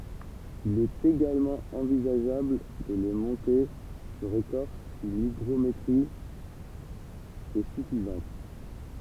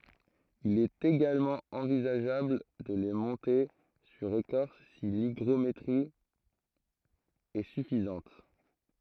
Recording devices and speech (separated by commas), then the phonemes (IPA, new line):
temple vibration pickup, throat microphone, read sentence
il ɛt eɡalmɑ̃ ɑ̃vizaʒabl də le mɔ̃te syʁ ekɔʁs si liɡʁometʁi ɛ syfizɑ̃t